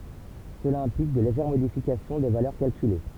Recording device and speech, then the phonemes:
temple vibration pickup, read sentence
səla ɛ̃plik də leʒɛʁ modifikasjɔ̃ de valœʁ kalkyle

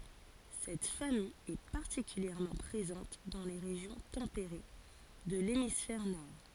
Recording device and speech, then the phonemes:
forehead accelerometer, read sentence
sɛt famij ɛ paʁtikyljɛʁmɑ̃ pʁezɑ̃t dɑ̃ le ʁeʒjɔ̃ tɑ̃peʁe də lemisfɛʁ nɔʁ

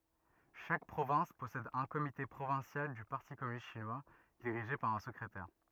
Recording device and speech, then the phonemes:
rigid in-ear microphone, read sentence
ʃak pʁovɛ̃s pɔsɛd œ̃ komite pʁovɛ̃sjal dy paʁti kɔmynist ʃinwa diʁiʒe paʁ œ̃ səkʁetɛʁ

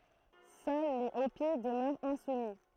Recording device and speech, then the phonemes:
throat microphone, read sentence
sœl le opi dəmœʁt ɛ̃sumi

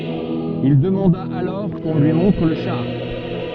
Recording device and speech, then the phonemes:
soft in-ear microphone, read sentence
il dəmɑ̃da alɔʁ kɔ̃ lyi mɔ̃tʁ lə ʃaʁ

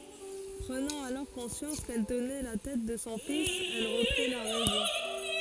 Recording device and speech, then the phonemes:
forehead accelerometer, read sentence
pʁənɑ̃ alɔʁ kɔ̃sjɑ̃s kɛl tənɛ la tɛt də sɔ̃ fis ɛl ʁəpʁi la ʁɛzɔ̃

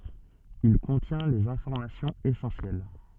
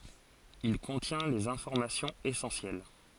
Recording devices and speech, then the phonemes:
soft in-ear microphone, forehead accelerometer, read sentence
il kɔ̃tjɛ̃ lez ɛ̃fɔʁmasjɔ̃z esɑ̃sjɛl

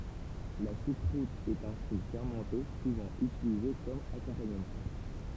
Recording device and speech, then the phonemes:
temple vibration pickup, read sentence
la ʃukʁut ɛt œ̃ ʃu fɛʁmɑ̃te suvɑ̃ ytilize kɔm akɔ̃paɲəmɑ̃

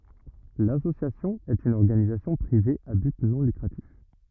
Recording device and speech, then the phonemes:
rigid in-ear microphone, read sentence
lasosjasjɔ̃ ɛt yn ɔʁɡanizasjɔ̃ pʁive a byt nɔ̃ lykʁatif

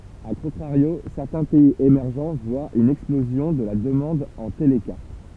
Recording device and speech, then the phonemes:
temple vibration pickup, read sentence
a kɔ̃tʁaʁjo sɛʁtɛ̃ pɛiz emɛʁʒ vwat yn ɛksplozjɔ̃ də la dəmɑ̃d ɑ̃ telkaʁt

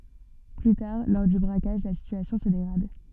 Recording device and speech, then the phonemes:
soft in-ear microphone, read sentence
ply taʁ lɔʁ dy bʁakaʒ la sityasjɔ̃ sə deɡʁad

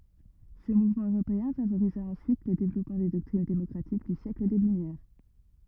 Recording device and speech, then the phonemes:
rigid in-ear microphone, read sentence
sə muvmɑ̃ øʁopeɛ̃ favoʁiza ɑ̃syit lə devlɔpmɑ̃ de dɔktʁin demɔkʁatik dy sjɛkl de lymjɛʁ

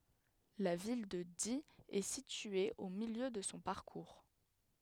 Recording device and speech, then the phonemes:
headset microphone, read sentence
la vil də di ɛ sitye o miljø də sɔ̃ paʁkuʁ

